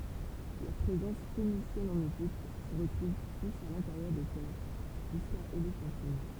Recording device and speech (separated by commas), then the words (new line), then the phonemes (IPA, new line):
temple vibration pickup, read sentence
La présence phénicienne en Égypte se retrouve plus à l'intérieur des terres, jusqu'à Éléphantine.
la pʁezɑ̃s fenisjɛn ɑ̃n eʒipt sə ʁətʁuv plyz a lɛ̃teʁjœʁ de tɛʁ ʒyska elefɑ̃tin